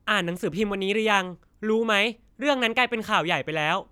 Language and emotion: Thai, angry